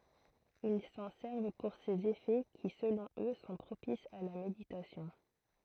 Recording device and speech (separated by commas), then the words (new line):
throat microphone, read sentence
Ils s'en servent pour ses effets qui, selon eux, sont propices à la méditation.